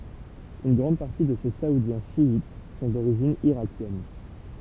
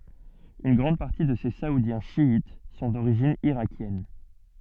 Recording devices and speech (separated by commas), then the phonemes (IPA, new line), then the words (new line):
temple vibration pickup, soft in-ear microphone, read sentence
yn ɡʁɑ̃d paʁti də se saudjɛ̃ ʃjit sɔ̃ doʁiʒin iʁakjɛn
Une grande partie de ces Saoudiens chiites sont d'origine irakienne.